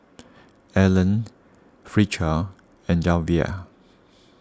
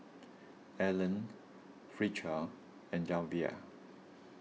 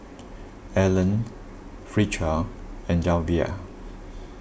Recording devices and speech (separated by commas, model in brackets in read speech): standing microphone (AKG C214), mobile phone (iPhone 6), boundary microphone (BM630), read sentence